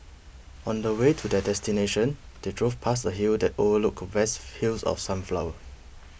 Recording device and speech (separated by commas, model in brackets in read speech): boundary microphone (BM630), read sentence